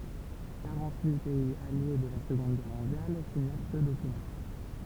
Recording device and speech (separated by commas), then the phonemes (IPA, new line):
temple vibration pickup, read sentence
kaʁɑ̃t yi pɛiz alje də la səɡɔ̃d ɡɛʁ mɔ̃djal siɲɛʁ sə dokymɑ̃